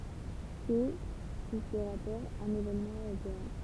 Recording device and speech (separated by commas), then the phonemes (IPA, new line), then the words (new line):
temple vibration pickup, read sentence
sɛ su sə ʁapɔʁ œ̃n evenmɑ̃ øʁopeɛ̃
C'est, sous ce rapport, un événement européen.